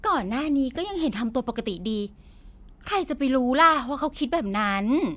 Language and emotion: Thai, frustrated